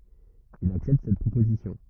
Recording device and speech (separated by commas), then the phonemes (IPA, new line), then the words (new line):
rigid in-ear microphone, read sentence
il aksɛpt sɛt pʁopozisjɔ̃
Il accepte cette proposition.